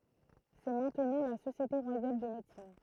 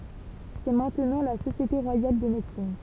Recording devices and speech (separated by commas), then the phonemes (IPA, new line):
throat microphone, temple vibration pickup, read sentence
sɛ mɛ̃tnɑ̃ la sosjete ʁwajal də medəsin